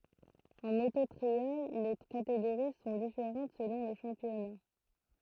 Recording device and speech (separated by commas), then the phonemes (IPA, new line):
throat microphone, read sentence
ɑ̃ moto tʁial le kateɡoʁi sɔ̃ difeʁɑ̃t səlɔ̃ lə ʃɑ̃pjɔna